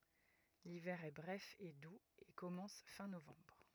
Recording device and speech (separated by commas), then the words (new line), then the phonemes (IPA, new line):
rigid in-ear microphone, read sentence
L'hiver est bref et doux et commence fin novembre.
livɛʁ ɛ bʁɛf e duz e kɔmɑ̃s fɛ̃ novɑ̃bʁ